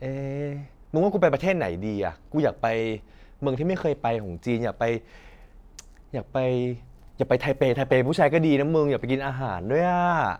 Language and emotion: Thai, happy